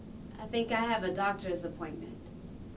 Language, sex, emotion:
English
female
neutral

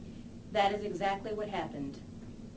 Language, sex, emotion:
English
female
neutral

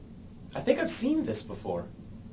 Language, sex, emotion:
English
male
neutral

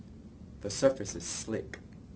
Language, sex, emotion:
English
male
neutral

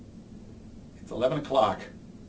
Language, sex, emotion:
English
male
neutral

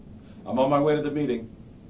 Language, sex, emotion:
English
male
neutral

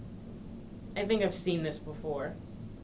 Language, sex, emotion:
English
female
neutral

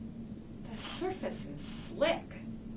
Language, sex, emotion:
English
female
disgusted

